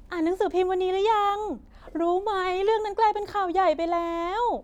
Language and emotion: Thai, happy